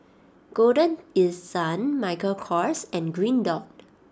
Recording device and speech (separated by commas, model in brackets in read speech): standing microphone (AKG C214), read sentence